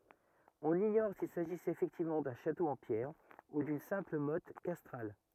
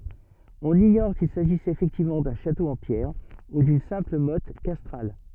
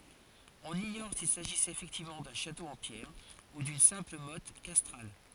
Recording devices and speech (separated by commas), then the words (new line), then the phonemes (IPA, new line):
rigid in-ear microphone, soft in-ear microphone, forehead accelerometer, read sentence
On ignore s'il s'agissait effectivement d'un château en pierres ou d'une simple motte castrale.
ɔ̃n iɲɔʁ sil saʒisɛt efɛktivmɑ̃ dœ̃ ʃato ɑ̃ pjɛʁ u dyn sɛ̃pl mɔt kastʁal